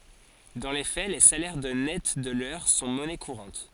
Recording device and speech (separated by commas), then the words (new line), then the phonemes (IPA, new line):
forehead accelerometer, read sentence
Dans les faits, les salaires de nets de l'heure sont monnaie courante.
dɑ̃ le fɛ le salɛʁ də nɛt də lœʁ sɔ̃ mɔnɛ kuʁɑ̃t